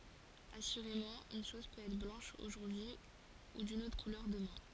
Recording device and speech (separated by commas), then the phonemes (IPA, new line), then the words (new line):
forehead accelerometer, read sentence
asyʁemɑ̃ yn ʃɔz pøt ɛtʁ blɑ̃ʃ oʒuʁdyi u dyn otʁ kulœʁ dəmɛ̃
Assurément, une chose peut être blanche aujourd’hui ou d’une autre couleur demain.